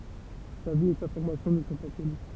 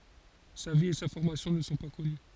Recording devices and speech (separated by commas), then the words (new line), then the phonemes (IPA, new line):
temple vibration pickup, forehead accelerometer, read sentence
Sa vie et sa formation ne sont pas connues.
sa vi e sa fɔʁmasjɔ̃ nə sɔ̃ pa kɔny